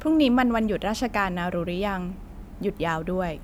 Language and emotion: Thai, neutral